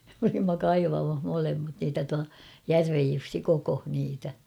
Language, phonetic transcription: Finnish, m ‿olimma "kaivamah 'molemmat niitä tua , "Järvej 'Jussi "kokoh niitä .
- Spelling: me olimme kaivamassa molemmat niitä tuo Järven Jussi kokosi niitä

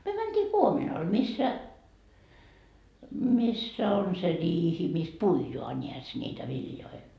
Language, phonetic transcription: Finnish, 'myö 'mäntii "kuominal missä , 'missä on se 'riihi mis "puijoa 'ńiäs ńiitä 'viljoi .
- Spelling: me mentiin kuominalle missä missä on se riihi missä puidaan näes niitä viljoja

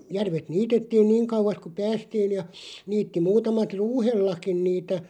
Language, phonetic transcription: Finnish, 'järvet "niitettiin "niiŋ kauᵛas ku "päästiin̳§ ja , 'niitti 'muutamat "ruuhellakin 'niitä ,.
- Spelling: järvet niitettiin niin kauas kun päästiin ja niitti muutamat ruuhellakin niitä

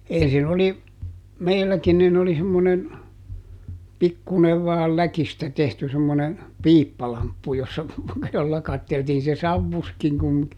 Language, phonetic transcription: Finnish, ˈensin ‿oli , ˈmeilläkin nin oli semmonen , ˈpikkùnev vaal "läkistä tehty semmone , "piippalamppu jossa , jolla ˈkatteltiin - se "savvuskiŋ ku(m mikä) .
- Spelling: ensin oli meilläkin niin oli semmoinen pikkuinen vain läkistä tehty semmoinen piippalamppu jossa jolla katseltiin se savusikin kuin mikä

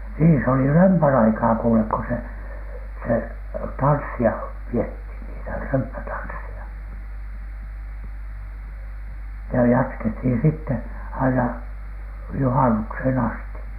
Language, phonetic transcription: Finnish, niin se oli "römpän "aikaa kuulek ‿ko se , se "tanssi₍a piethin , niitä "römppätanssi₍a , ja jatkethin sitte , aina , "juhanukshen asti .
- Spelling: niin se oli römpän aikaa kuule kun se se tanssia pidettiin niitä römppätansseja ja jatkettiin sitten aina juhannukseen asti

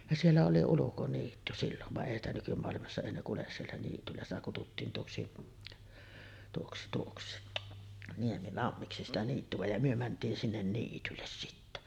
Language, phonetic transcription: Finnish, ja siellä oli 'ulukoniitty sillon , vaˀ 'ˀèi ‿stä nykymoalimassa 'èi ne 'kules siellä niityllä , sitä kututtiin 'tuoksi , tuoksi tuoksi , "Niemilammiksi 'sitä 'niittyᵛä ja myö mänt̀iin sinnen 'niitylles sittä .
- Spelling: ja siellä oli ulkoniitty silloin vaan ei sitä nykymaailmassa ei ne kulje siellä niityllä sitä kutsuttiin tuoksi tuoksi tuoksi Niemilammiksi sitä niittyä ja me mentiin sinne niitylle sitten

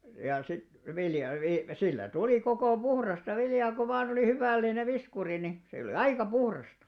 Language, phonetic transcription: Finnish, ja sit 'vilja vi- , sillä 'tulì kokò "puhrasta 'viljaa ko van ‿olì 'huvä̀l̆linev 'viskuri ni , se olⁱ "aika 'puhrasta .
- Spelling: ja sitten vilja - sillä tuli koko puhdasta viljaa kun vain oli hyvällinen viskuri niin se oli aika puhdasta

